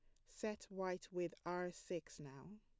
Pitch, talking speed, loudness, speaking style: 180 Hz, 155 wpm, -47 LUFS, plain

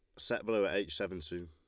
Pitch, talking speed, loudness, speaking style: 90 Hz, 280 wpm, -36 LUFS, Lombard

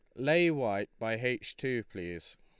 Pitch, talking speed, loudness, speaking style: 120 Hz, 165 wpm, -32 LUFS, Lombard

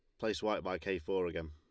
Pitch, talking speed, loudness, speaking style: 90 Hz, 275 wpm, -37 LUFS, Lombard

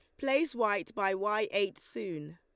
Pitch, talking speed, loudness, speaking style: 205 Hz, 165 wpm, -32 LUFS, Lombard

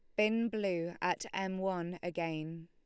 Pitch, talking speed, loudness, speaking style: 175 Hz, 145 wpm, -36 LUFS, Lombard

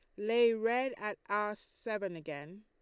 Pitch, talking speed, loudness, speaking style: 210 Hz, 150 wpm, -34 LUFS, Lombard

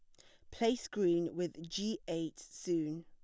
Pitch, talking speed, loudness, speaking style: 170 Hz, 145 wpm, -37 LUFS, plain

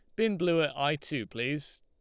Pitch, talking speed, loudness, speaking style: 150 Hz, 225 wpm, -30 LUFS, Lombard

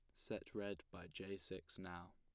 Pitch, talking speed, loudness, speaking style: 95 Hz, 185 wpm, -51 LUFS, plain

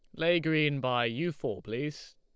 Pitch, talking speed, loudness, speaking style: 150 Hz, 185 wpm, -30 LUFS, Lombard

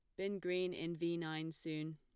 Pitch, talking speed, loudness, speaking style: 170 Hz, 205 wpm, -41 LUFS, plain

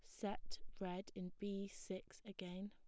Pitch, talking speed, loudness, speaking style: 195 Hz, 145 wpm, -49 LUFS, plain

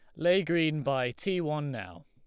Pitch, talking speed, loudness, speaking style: 150 Hz, 195 wpm, -30 LUFS, Lombard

